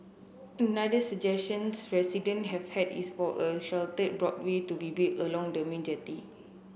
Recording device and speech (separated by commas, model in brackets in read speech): boundary microphone (BM630), read sentence